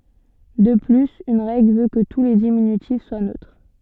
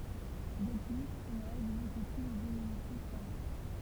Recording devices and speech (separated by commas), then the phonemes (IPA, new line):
soft in-ear microphone, temple vibration pickup, read sentence
də plyz yn ʁɛɡl vø kə tu le diminytif swa nøtʁ